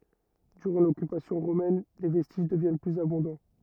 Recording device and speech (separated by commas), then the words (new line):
rigid in-ear microphone, read sentence
Durant l'occupation romaine, les vestiges deviennent plus abondants.